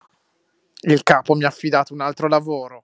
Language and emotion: Italian, angry